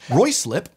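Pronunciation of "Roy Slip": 'Ruislip' is pronounced incorrectly here, as 'Roy slip': the first syllable is said 'Roy' instead of 'rye'.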